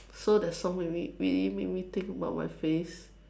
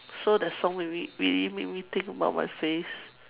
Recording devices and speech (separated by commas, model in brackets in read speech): standing microphone, telephone, conversation in separate rooms